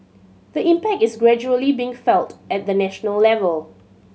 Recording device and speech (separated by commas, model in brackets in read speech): mobile phone (Samsung C7100), read sentence